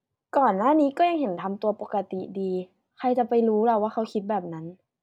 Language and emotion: Thai, frustrated